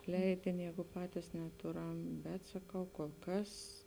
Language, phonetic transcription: Lithuanian, ˈleidini ˈjēgu ˈpatis neˈtuˌram bet saˈkau kol ˈkas

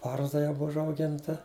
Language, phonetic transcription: Lithuanian, ˈbarzda jau ˈbuv užauˈginta

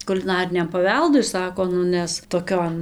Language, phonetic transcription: Lithuanian, kuliˈnariniam paˈveldui ˈsako ˈnu ˈnes toˈkion

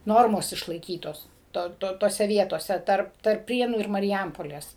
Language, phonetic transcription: Lithuanian, ˈnormos išlaiˈkytos ˈto ˈto toˈse ˈvietose ˈtarp tarp ˈprienų ir mariˈjampolės

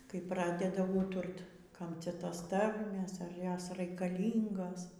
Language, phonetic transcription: Lithuanian, kai ˈpradeda ˈūturt ˈkam ˈcia ˈtos ˈtarmės ar ˈjos raikaˈlyngos

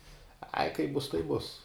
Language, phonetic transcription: Lithuanian, ai kaip ˈbus taip ˈbus

